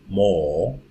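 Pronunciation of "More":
'More' is said the British English way: the R at the end is not pronounced.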